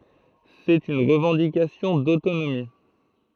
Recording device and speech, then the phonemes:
throat microphone, read sentence
sɛt yn ʁəvɑ̃dikasjɔ̃ dotonomi

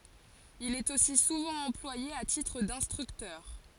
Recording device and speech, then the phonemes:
forehead accelerometer, read sentence
il ɛt osi suvɑ̃ ɑ̃plwaje a titʁ dɛ̃stʁyktœʁ

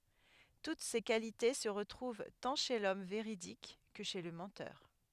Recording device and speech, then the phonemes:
headset microphone, read sentence
tut se kalite sə ʁətʁuv tɑ̃ ʃe lɔm veʁidik kə ʃe lə mɑ̃tœʁ

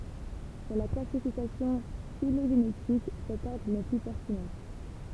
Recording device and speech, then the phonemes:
temple vibration pickup, read sentence
puʁ la klasifikasjɔ̃ filoʒenetik sɛt ɔʁdʁ nɛ ply pɛʁtinɑ̃

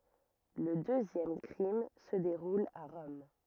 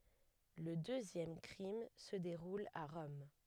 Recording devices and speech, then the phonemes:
rigid in-ear microphone, headset microphone, read sentence
lə døzjɛm kʁim sə deʁul a ʁɔm

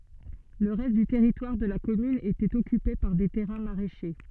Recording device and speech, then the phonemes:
soft in-ear microphone, read sentence
lə ʁɛst dy tɛʁitwaʁ də la kɔmyn etɛt ɔkype paʁ de tɛʁɛ̃ maʁɛʃe

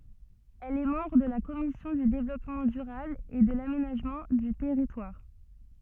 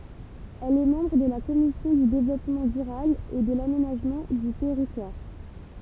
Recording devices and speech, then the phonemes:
soft in-ear microphone, temple vibration pickup, read sentence
ɛl ɛ mɑ̃bʁ də la kɔmisjɔ̃ dy devlɔpmɑ̃ dyʁabl e də lamenaʒmɑ̃ dy tɛʁitwaʁ

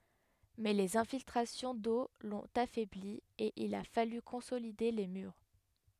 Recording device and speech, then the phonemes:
headset microphone, read sentence
mɛ lez ɛ̃filtʁasjɔ̃ do lɔ̃t afɛbli e il a faly kɔ̃solide le myʁ

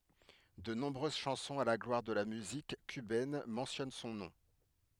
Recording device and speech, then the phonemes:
headset microphone, read sentence
də nɔ̃bʁøz ʃɑ̃sɔ̃z a la ɡlwaʁ də la myzik kybɛn mɑ̃sjɔn sɔ̃ nɔ̃

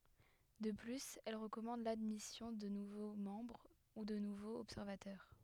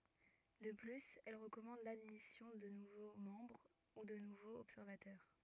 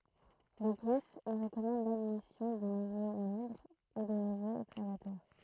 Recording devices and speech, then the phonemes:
headset microphone, rigid in-ear microphone, throat microphone, read sentence
də plyz ɛl ʁəkɔmɑ̃d ladmisjɔ̃ də nuvo mɑ̃bʁ u də nuvoz ɔbsɛʁvatœʁ

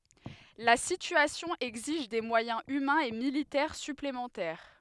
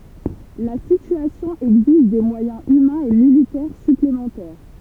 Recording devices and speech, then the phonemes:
headset microphone, temple vibration pickup, read sentence
la sityasjɔ̃ ɛɡziʒ de mwajɛ̃z ymɛ̃z e militɛʁ syplemɑ̃tɛʁ

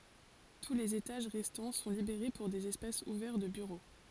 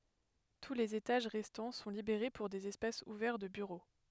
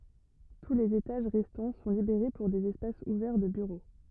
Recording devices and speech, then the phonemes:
forehead accelerometer, headset microphone, rigid in-ear microphone, read sentence
tu lez etaʒ ʁɛstɑ̃ sɔ̃ libeʁe puʁ dez ɛspasz uvɛʁ də byʁo

